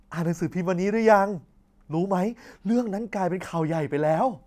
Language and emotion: Thai, happy